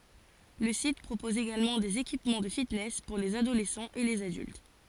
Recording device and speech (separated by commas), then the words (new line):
forehead accelerometer, read sentence
Le site propose également des équipements de fitness pour les adolescents et les adultes.